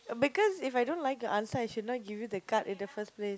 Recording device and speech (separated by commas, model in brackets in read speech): close-talking microphone, conversation in the same room